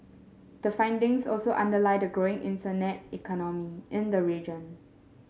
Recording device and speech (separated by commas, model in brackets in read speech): mobile phone (Samsung S8), read sentence